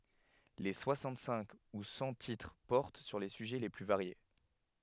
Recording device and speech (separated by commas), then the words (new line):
headset microphone, read sentence
Les soixante-cinq ou cent titres portent sur les sujets les plus variés.